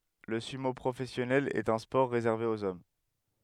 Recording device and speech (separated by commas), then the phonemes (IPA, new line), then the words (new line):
headset microphone, read sentence
lə symo pʁofɛsjɔnɛl ɛt œ̃ spɔʁ ʁezɛʁve oz ɔm
Le sumo professionnel est un sport réservé aux hommes.